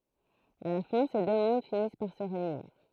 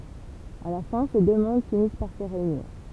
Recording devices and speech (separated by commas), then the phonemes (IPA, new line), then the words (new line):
throat microphone, temple vibration pickup, read sentence
a la fɛ̃ se dø mɔ̃d finis paʁ sə ʁeyniʁ
À la fin, ces deux mondes finissent par se réunir.